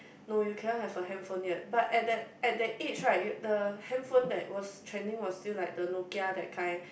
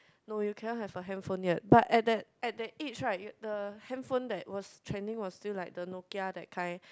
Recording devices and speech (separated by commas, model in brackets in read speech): boundary microphone, close-talking microphone, conversation in the same room